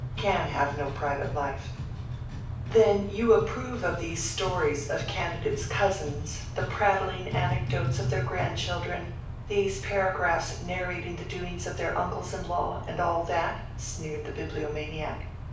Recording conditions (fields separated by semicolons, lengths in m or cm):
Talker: one person; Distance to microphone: 5.8 m; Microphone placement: far; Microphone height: 1.8 m; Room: medium-sized (5.7 m by 4.0 m); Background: music